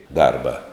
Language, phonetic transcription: Lithuanian, ˈdarba

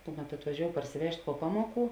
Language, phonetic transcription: Lithuanian, ˈkuˌmet atvaˈžiou parsiˈvežt' puo ˈpamuoˌkų

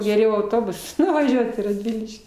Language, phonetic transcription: Lithuanian, geˈriau auˈtobus nuvaˈžiuot į radˈviliškį

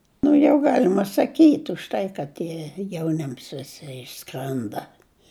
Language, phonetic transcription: Lithuanian, nu ˈjau ˈgalima saˈkyt' už ˈtai kad ˈtie jauˈnims viˈsi išˈskrenda

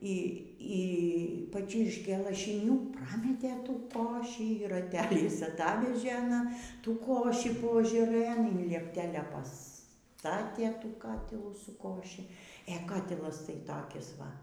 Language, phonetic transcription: Lithuanian, ˈy y paˈčirškė lašiˈnių ˈprametė ˈtų ˈkošį ir raˈteliais aˈtavežė aˈna ˈtų ˈkošį poažaˈrɘn in liepˈtelia paˈstatė ˈtų ˈkatilų su ˈkoši ė ˈkatilas tai ˈtakis ˈva

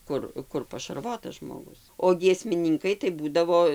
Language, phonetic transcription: Lithuanian, ˈkur ˈkur pašarˈvotas žmoˈgus o giesmiˈninkai tai ˈbūdavo

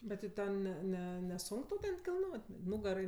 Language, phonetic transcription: Lithuanian, ˈbet ti ˈten ˈne ˈne neˈsunk tau ˈten kilˈnot' ˈnugarai

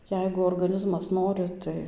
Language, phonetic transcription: Lithuanian, ˈjeigu orgaˈnizmas ˈnori ˈtai

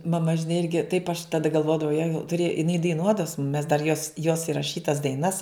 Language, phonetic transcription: Lithuanian, maˈma žiˈnai ˈirgi taip aš taˈda galˈvodavau ja tuˈrėj iˈnai daiˈnuodava su mum mes dar jos jos iraˈšytas daiˈnas

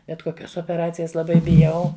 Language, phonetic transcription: Lithuanian, bet koˈkios opeˈracijas laˈbai biˈjau

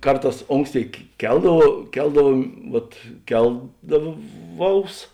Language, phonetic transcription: Lithuanian, ˈkarˌtās ˈonksˌtėi ˈkeldavau ˈkeldavuom ˈvat ˈkeldaˌvaus

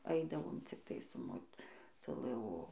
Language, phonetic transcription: Lithuanian, ˈaidavom cikˈtai su motuˈlɨ o

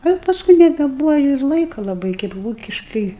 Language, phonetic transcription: Lithuanian, a paˈskui nebeˈbūva ir ˈlaika laˈbai kaip ˈvūkiškɨi

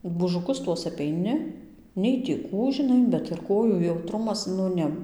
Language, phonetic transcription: Lithuanian, būžuˈkus ˈtuos apeiˈni nei tį ˈkų žiˈnai bet ir ˈkojų jauˈtrumas nu ˈne

